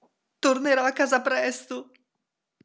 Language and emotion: Italian, fearful